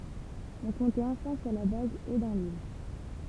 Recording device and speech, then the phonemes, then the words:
temple vibration pickup, read sentence
ɔ̃ kɔ̃tɛt ɑ̃fɛ̃ syʁ la baz e dɑ̃ lil
On comptait enfin sur la base et dans l’île.

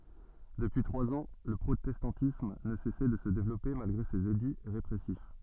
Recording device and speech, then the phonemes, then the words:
soft in-ear microphone, read sentence
dəpyi tʁwaz ɑ̃ lə pʁotɛstɑ̃tism nə sɛsɛ də sə devlɔpe malɡʁe sez edi ʁepʁɛsif
Depuis trois ans, le protestantisme ne cessait de se développer malgré ses édits répressifs.

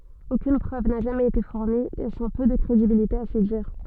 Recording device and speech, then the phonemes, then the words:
soft in-ear microphone, read sentence
okyn pʁøv na ʒamɛz ete fuʁni lɛsɑ̃ pø də kʁedibilite a se diʁ
Aucune preuve n'a jamais été fournie, laissant peu de crédibilité à ses dires.

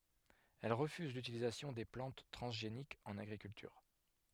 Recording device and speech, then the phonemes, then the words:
headset microphone, read sentence
ɛl ʁəfyz lytilizasjɔ̃ de plɑ̃t tʁɑ̃zʒenikz ɑ̃n aɡʁikyltyʁ
Elle refuse l'utilisation des plantes transgéniques en agriculture.

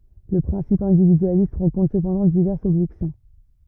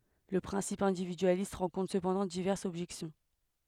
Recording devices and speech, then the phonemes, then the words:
rigid in-ear microphone, headset microphone, read sentence
lə pʁɛ̃sip ɛ̃dividyalist ʁɑ̃kɔ̃tʁ səpɑ̃dɑ̃ divɛʁsz ɔbʒɛksjɔ̃
Le principe individualiste rencontre cependant diverses objections.

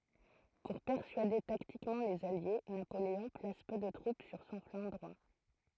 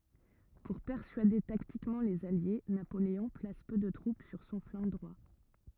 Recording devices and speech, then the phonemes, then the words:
throat microphone, rigid in-ear microphone, read sentence
puʁ pɛʁsyade taktikmɑ̃ lez alje napoleɔ̃ plas pø də tʁup syʁ sɔ̃ flɑ̃ dʁwa
Pour persuader tactiquement les alliés, Napoléon place peu de troupes sur son flanc droit.

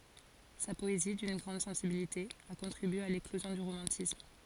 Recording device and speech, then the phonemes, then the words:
forehead accelerometer, read sentence
sa pɔezi dyn ɡʁɑ̃d sɑ̃sibilite a kɔ̃tʁibye a leklozjɔ̃ dy ʁomɑ̃tism
Sa poésie, d'une grande sensibilité, a contribué à l'éclosion du romantisme.

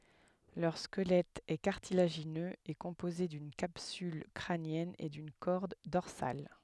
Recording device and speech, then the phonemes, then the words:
headset microphone, read sentence
lœʁ skəlɛt ɛ kaʁtilaʒinøz e kɔ̃poze dyn kapsyl kʁanjɛn e dyn kɔʁd dɔʁsal
Leur squelette est cartilagineux et composé d'une capsule crânienne et d'une corde dorsale.

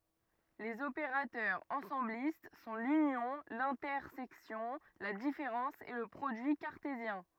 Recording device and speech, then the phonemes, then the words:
rigid in-ear microphone, read sentence
lez opeʁatœʁz ɑ̃sɑ̃blist sɔ̃ lynjɔ̃ lɛ̃tɛʁsɛksjɔ̃ la difeʁɑ̃s e lə pʁodyi kaʁtezjɛ̃
Les opérateurs ensemblistes sont l'union, l'intersection, la différence et le produit cartésien.

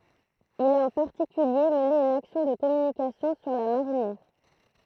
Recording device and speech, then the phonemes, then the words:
throat microphone, read sentence
il a ɑ̃ paʁtikylje məne yn aksjɔ̃ də kɔmynikasjɔ̃ syʁ la maʁinjɛʁ
Il a en particulier mené une action de communication sur la marinière.

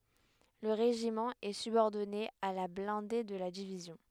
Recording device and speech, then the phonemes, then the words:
headset microphone, read sentence
lə ʁeʒimɑ̃ ɛ sybɔʁdɔne a la blɛ̃de də la divizjɔ̃
Le régiment est subordonné à la blindée de la division.

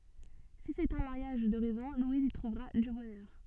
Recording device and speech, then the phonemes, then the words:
soft in-ear microphone, read sentence
si sɛt œ̃ maʁjaʒ də ʁɛzɔ̃ lwiz i tʁuvʁa dy bɔnœʁ
Si c'est un mariage de raison, Louise y trouvera du bonheur.

